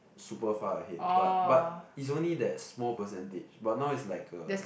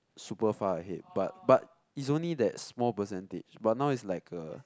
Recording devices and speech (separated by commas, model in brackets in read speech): boundary microphone, close-talking microphone, conversation in the same room